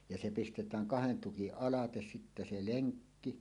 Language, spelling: Finnish, ja se pistetään kahden tukin alle sitten se lenkki
- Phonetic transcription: ja se pistetääŋ "kahen 'tukiˀ "ˀalates sittä 'se "leŋkki .

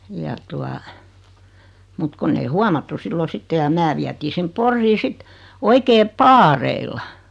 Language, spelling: Finnish, ja tuota mutta kun ei huomattu silloin sitten ja minä vietiin sinne Poriin sitten oikein paareilla
- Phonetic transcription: ja tua , mut 'konn ‿ei "huamattu 'sillo "sitte ja 'mää viätii 'sim "Porrii 'sit , 'oikee "paareilla .

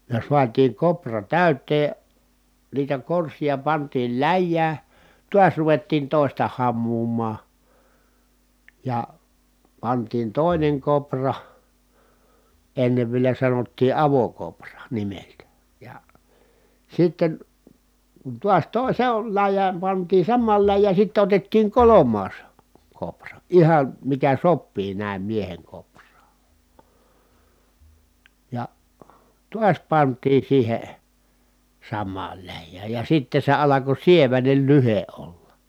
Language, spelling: Finnish, ja saatiin koura täyteen niitä korsia pantiin läjään taas ruvettiin toista hamuamaan ja pantiin toinen koura ennen vielä sanottiin avokoura nimeltään ja sitten kun taas - se on läjään pantiin samaan läjään sitten otettiin kolmas koura ihan mikä sopii näin miehen kouraan ja taas pantiin siihen samaan läjään ja sitten se alkoi sieväinen lyhde olla
- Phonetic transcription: ja suatiiŋ kopra tä̀yt̀ee , niitä korsija pantiil läjjää , tuas ruvettiin tòista hammuum̀aa , ja , pantiin tòineŋ kopra , ennev vielä sanottii avokopra nimeltä , ja , sitten , kun tuas tòi- se on läj̆jääm pantii sammaal läjjää sitte otettiiŋ kolom̆maas , kopra , ihan̬ , mikä soppii nä̀im mieheŋ kopr̀aa , ja , tuas pant̀ii siihe , sammaal läjjääj ja sitte se alako sievänel lyhe ʼolla .

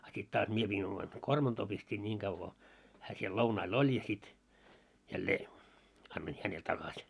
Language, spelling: Finnish, a sitten taas minä pidin oman kormantoon pistin niin kauan kun hän siellä lounailla oli ja sitten jälleen annoin hänelle takaisin
- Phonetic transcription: a sit 'taas 'mie piin oman , "kormantoo pistiin 'ńiŋ ɢav ko , hää 'siel "lounail "oĺ ja sit , jällee , annoin "hänel 'takaś .

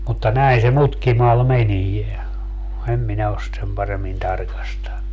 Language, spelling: Finnish, mutta näin se mutkimalla menee en minä ole sitä sen paremmin tarkastanut
- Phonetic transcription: mutta 'näin se 'mutkimal 'menie , 'em minä os sⁱt 'sem paremmin 'tarkastannu .

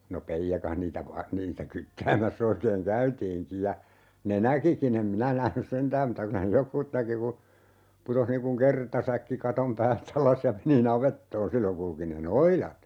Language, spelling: Finnish, no peijakas niitä - niitä kyttäämässä oikein käytiinkin ja ne näkikin en minä nähnyt sentään mutta kyllä ne jotkut näki kun putosi niin kuin kertasäkki katon päältä alas ja meni navettaan silloin kulki ne noidat
- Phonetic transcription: no "peijjakah niitä va- , 'niitä 'kyttäämäs's ‿oikeeŋ "käytiiŋki ja , 'ne "näkiki'n ‿em 'minä nähnys "sentääm muta ky(l)ä ne "jokkuut 'näki ku , 'putoh niiŋ kuŋ "kertasäkki 'katom pääl't ‿alas ja 'meni "navettoon 'silloŋ kulki ne "noilat .

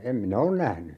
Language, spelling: Finnish, en minä ole nähnyt
- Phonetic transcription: 'em "minä on 'nähny .

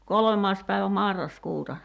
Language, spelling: Finnish, kolmas päivä marraskuuta
- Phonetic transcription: 'kolᵒmaas päivä 'marras'kuuta .

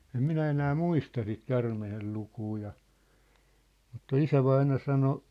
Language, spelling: Finnish, en minä enää muista sitä käärmeen lukua ja mutta isävainaja sanoi
- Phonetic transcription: 'em "minä enää "muista sit 'kärmehel lukuu ja , mutta "isävaina sano ,.

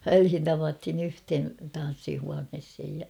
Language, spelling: Finnish, väliin tavattiin yhteen tanssihuoneeseen ja
- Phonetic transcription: välhin tavathin ‿'yhthen̬ , 'tan̬ssihuanheshej ja .

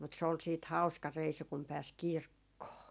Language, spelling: Finnish, mutta se oli sitten hauska reissu kun pääsi kirkkoon
- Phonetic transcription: mut se ol siit "hau̬ska 'reisu kum 'pääs "kirkkoo .

